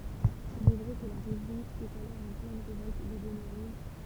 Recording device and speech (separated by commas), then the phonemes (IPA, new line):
temple vibration pickup, read sentence
il ɛ vʁɛ kə la ʁeʒjɔ̃ ɛt alɔʁ ɑ̃ plɛn ʁevɔlt de bɔnɛ ʁuʒ